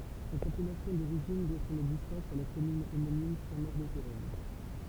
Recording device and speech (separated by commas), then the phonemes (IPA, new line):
temple vibration pickup, read sentence
sɛt apɛlasjɔ̃ doʁiʒin dwa sɔ̃n ɛɡzistɑ̃s a la kɔmyn omonim sɛ̃tmoʁədətuʁɛn